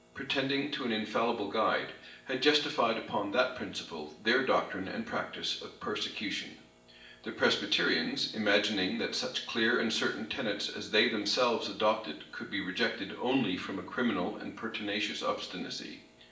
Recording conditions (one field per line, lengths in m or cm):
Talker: one person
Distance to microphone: 1.8 m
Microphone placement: close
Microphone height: 1.0 m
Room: large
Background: none